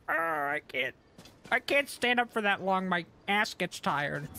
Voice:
Silly Voice